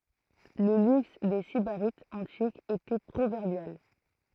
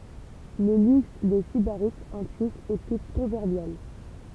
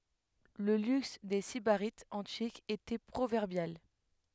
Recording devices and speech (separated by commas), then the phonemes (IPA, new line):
throat microphone, temple vibration pickup, headset microphone, read sentence
lə lyks de sibaʁitz ɑ̃tikz etɛ pʁovɛʁbjal